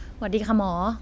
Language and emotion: Thai, neutral